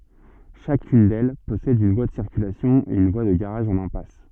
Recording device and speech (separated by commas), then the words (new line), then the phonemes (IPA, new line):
soft in-ear microphone, read sentence
Chacune d'elles possède une voie de circulation et une voie de garage en impasse.
ʃakyn dɛl pɔsɛd yn vwa də siʁkylasjɔ̃ e yn vwa də ɡaʁaʒ ɑ̃n ɛ̃pas